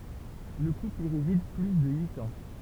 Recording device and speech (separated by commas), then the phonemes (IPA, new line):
temple vibration pickup, read sentence
lə kupl i ʁezid ply də yit ɑ̃